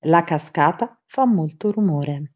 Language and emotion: Italian, neutral